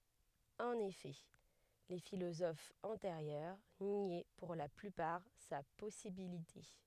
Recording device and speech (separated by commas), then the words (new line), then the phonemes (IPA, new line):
headset microphone, read sentence
En effet, les philosophes antérieurs niaient pour la plupart sa possibilité.
ɑ̃n efɛ le filozofz ɑ̃teʁjœʁ njɛ puʁ la plypaʁ sa pɔsibilite